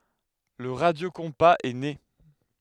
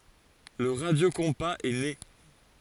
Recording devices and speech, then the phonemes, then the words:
headset microphone, forehead accelerometer, read sentence
lə ʁadjokɔ̃paz ɛ ne
Le radiocompas est né.

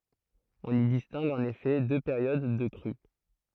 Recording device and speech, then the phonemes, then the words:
throat microphone, read sentence
ɔ̃n i distɛ̃ɡ ɑ̃n efɛ dø peʁjod də kʁy
On y distingue en effet deux périodes de crue.

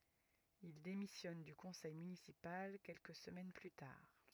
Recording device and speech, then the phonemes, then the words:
rigid in-ear microphone, read sentence
il demisjɔn dy kɔ̃sɛj mynisipal kɛlkə səmɛn ply taʁ
Il démissionne du conseil municipal quelques semaines plus tard.

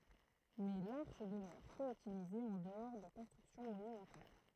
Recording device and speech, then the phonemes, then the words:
throat microphone, read sentence
mɛ laʁʃ dəmœʁ pø ytilize ɑ̃ dəɔʁ də kɔ̃stʁyksjɔ̃ monymɑ̃tal
Mais l'arche demeure peu utilisée en-dehors de constructions monumentales.

